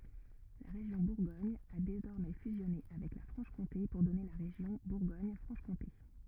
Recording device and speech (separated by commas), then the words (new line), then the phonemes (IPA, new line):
rigid in-ear microphone, read sentence
La région Bourgogne a désormais fusionné avec la Franche-Comté pour donner la région Bourgogne-Franche-Comté.
la ʁeʒjɔ̃ buʁɡɔɲ a dezɔʁmɛ fyzjɔne avɛk la fʁɑ̃ʃkɔ̃te puʁ dɔne la ʁeʒjɔ̃ buʁɡoɲfʁɑ̃ʃkɔ̃te